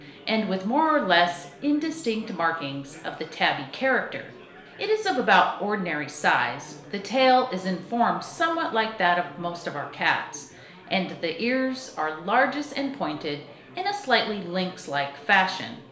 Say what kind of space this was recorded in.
A compact room (about 3.7 m by 2.7 m).